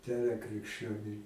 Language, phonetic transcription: Lithuanian, ˈdera krikšˈčioniui

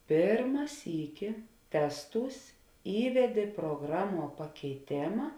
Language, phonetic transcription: Lithuanian, ˈpėrma ˈsyki ˈtesˌtūs ˈįvedė pruoˈgraˌmuo pakeiˈtėma

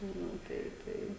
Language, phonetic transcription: Lithuanian, ˈnu ˈtai ˈtai

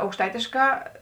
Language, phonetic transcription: Lithuanian, aukšˈtaitėškā

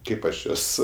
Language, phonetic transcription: Lithuanian, ˈkaip aš ˈjuos

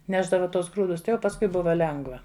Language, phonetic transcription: Lithuanian, ˈnešdava ˈtuos ˈgrūdus ˈtai jau pasˈkui ˈbuva ˈlengva

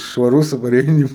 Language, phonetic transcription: Lithuanian, švaˈrus o paˈreini

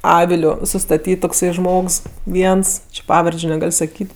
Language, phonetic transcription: Lithuanian, ˈaviliu sustaˈtyt tokˈsai ˈžmogs ˈviens či ˈpavardžiu neˈgal' saˈkyt'

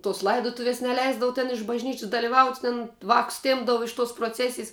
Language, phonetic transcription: Lithuanian, tos ˈlaidotuvies neˈleisdavu ten iš bažˈnyčis daliˈvaut' ten ˈvākus ˈtėmpdavu iš tos proˈcesijs

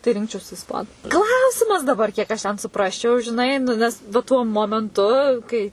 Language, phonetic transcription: Lithuanian, tai ˈrinkčiausi isˈpanu ˈklausimas daˈbar kiek aš ten suˈprasčiau žiˈnai nu ˈnes va ˈtuo momenˈtu kai

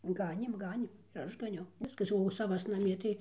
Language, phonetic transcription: Lithuanian, ˈganėm ˈganėm ir ˈaš gaˈniau ˈviskas o saˈvas naˈmie tai

